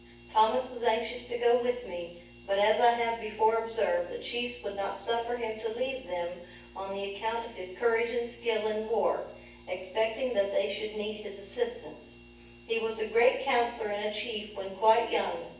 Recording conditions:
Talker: one person; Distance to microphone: 9.8 m; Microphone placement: far; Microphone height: 1.8 m; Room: large; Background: none

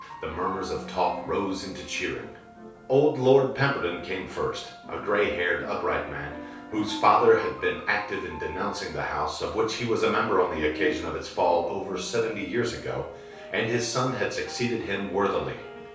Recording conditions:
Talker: one person; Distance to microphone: 3.0 m; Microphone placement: far; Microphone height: 1.8 m; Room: small (3.7 m by 2.7 m); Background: music

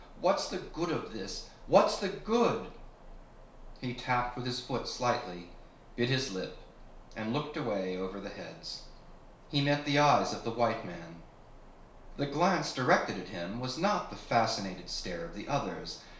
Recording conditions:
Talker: one person; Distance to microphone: 1.0 m; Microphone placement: close; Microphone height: 1.1 m; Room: small (3.7 m by 2.7 m); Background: none

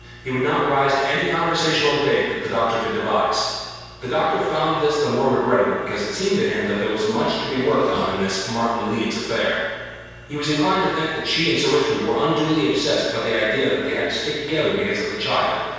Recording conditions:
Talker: one person; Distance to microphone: 7.1 m; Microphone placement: far; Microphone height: 1.7 m; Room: very reverberant, large; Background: none

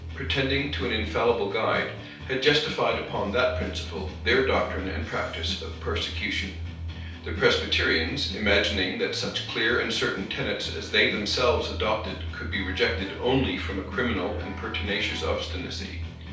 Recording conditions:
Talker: one person; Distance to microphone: 3.0 m; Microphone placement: far; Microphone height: 1.8 m; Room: small (3.7 m by 2.7 m); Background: music

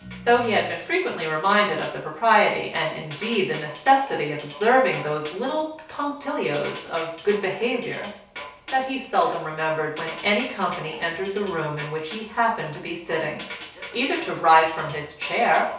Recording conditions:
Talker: one person; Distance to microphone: 3.0 m; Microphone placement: far; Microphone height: 1.8 m; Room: small (3.7 m by 2.7 m); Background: music

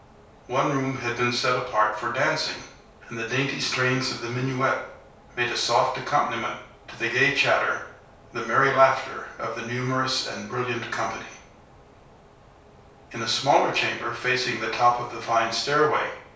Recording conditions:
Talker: one person; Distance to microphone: 3.0 m; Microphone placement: far; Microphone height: 1.8 m; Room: small (3.7 m by 2.7 m); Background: none

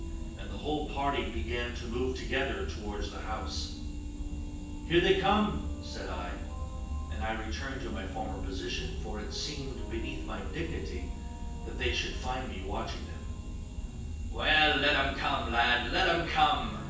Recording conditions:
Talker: one person; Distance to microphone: 9.8 m; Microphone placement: far; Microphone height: 1.8 m; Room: large; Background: music

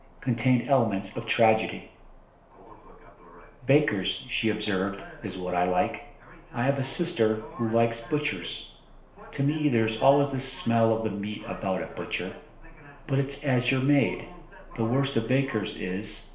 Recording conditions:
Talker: one person; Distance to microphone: 1.0 m; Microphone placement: close; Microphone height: 1.1 m; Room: small (3.7 m by 2.7 m); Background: television

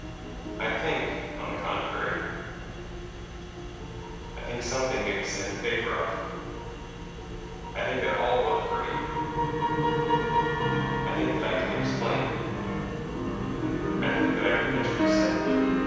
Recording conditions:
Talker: one person; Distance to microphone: 7.1 m; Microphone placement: far; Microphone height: 1.7 m; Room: very reverberant, large; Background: music

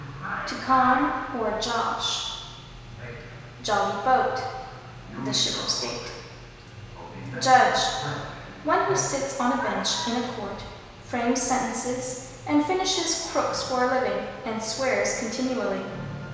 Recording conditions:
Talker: one person; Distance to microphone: 1.7 m; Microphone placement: close; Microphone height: 1.0 m; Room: very reverberant, large; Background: television

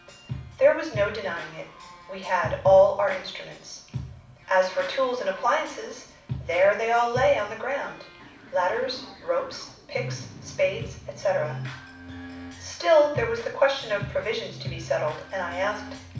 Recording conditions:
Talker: one person; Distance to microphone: 5.8 m; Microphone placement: far; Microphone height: 1.8 m; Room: medium-sized (5.7 m by 4.0 m); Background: music

